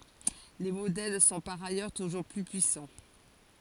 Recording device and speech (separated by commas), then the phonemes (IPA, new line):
forehead accelerometer, read sentence
le modɛl sɔ̃ paʁ ajœʁ tuʒuʁ ply pyisɑ̃